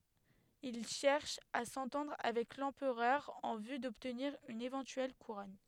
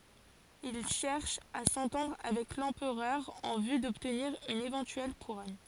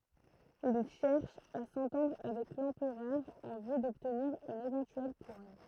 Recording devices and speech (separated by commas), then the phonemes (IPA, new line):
headset microphone, forehead accelerometer, throat microphone, read sentence
il ʃɛʁʃ a sɑ̃tɑ̃dʁ avɛk lɑ̃pʁœʁ ɑ̃ vy dɔbtniʁ yn evɑ̃tyɛl kuʁɔn